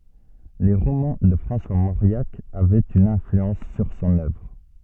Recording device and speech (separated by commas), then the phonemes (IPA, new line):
soft in-ear microphone, read sentence
le ʁomɑ̃ də fʁɑ̃swa moʁjak avɛt yn ɛ̃flyɑ̃s syʁ sɔ̃n œvʁ